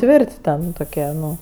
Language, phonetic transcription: Lithuanian, ˈtvirt' ˈten toˈkie ˈnu

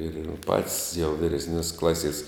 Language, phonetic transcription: Lithuanian, ir jau pat's' jau vyresˈnios' ˈklasies

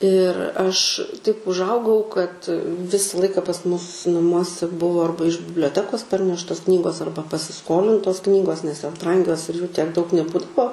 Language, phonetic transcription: Lithuanian, ir ˈaš taip užˈaugau kad ˈvisa ˈlaika pas ˈmus naˈmuose ˈbuvo ˈarba iš biblioˈtekos ˈparneštos ˈknygos ˈarba pasiˈskolintos ˈknygos nes jos ˈbrangios ir jų tiek daug neˈbūdavo

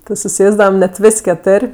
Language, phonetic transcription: Lithuanian, ti suˈsėsdavam net ˈvis' keˈtur'

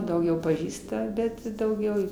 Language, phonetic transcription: Lithuanian, dauˈgiau paˈžįsta ˈbet i dauˈgiau

